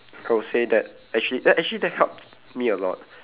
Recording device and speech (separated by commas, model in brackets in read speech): telephone, conversation in separate rooms